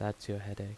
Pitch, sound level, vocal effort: 100 Hz, 78 dB SPL, soft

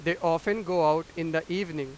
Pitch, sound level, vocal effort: 165 Hz, 97 dB SPL, very loud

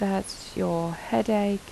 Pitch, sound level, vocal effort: 195 Hz, 78 dB SPL, soft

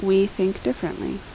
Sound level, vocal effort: 76 dB SPL, normal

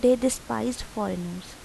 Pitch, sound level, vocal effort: 215 Hz, 80 dB SPL, soft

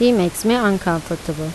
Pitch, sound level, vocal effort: 175 Hz, 83 dB SPL, normal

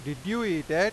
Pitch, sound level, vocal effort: 160 Hz, 95 dB SPL, loud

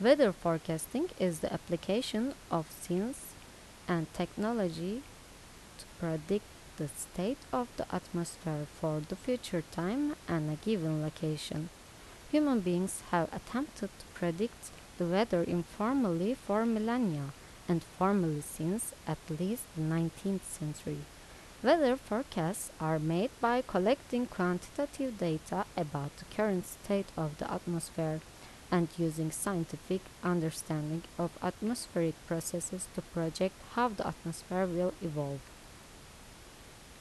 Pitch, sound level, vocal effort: 180 Hz, 79 dB SPL, normal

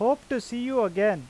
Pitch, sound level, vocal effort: 240 Hz, 94 dB SPL, loud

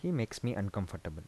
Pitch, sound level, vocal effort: 100 Hz, 78 dB SPL, soft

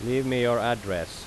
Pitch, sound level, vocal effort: 120 Hz, 89 dB SPL, loud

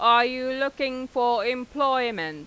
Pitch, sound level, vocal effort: 250 Hz, 97 dB SPL, loud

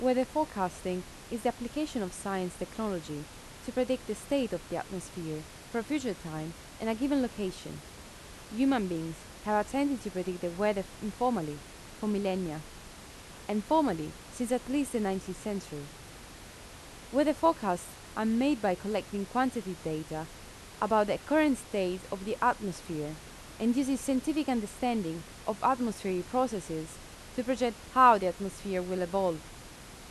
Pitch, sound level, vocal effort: 200 Hz, 84 dB SPL, normal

